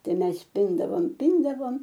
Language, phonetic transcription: Lithuanian, ˈtai ˈmes ˈpindavom ˈpindavom

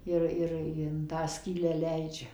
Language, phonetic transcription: Lithuanian, ˈir ˈir in ˈtą ˈskylę ˈleidžia

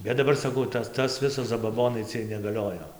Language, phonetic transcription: Lithuanian, ˈbet daˈbar saˈkau ˈtas tas ˈvisas zabaˈbonai ˈciej negaˈliojo

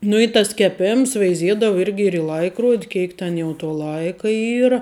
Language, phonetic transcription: Lithuanian, nu i tas keˈpėms veiˈziedavu ˈirgi ir i ˈlaikrod' ˈkėik ten jau to ˈlaika ˈyra

